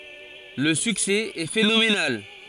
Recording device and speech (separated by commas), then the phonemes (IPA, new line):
forehead accelerometer, read sentence
lə syksɛ ɛ fenomenal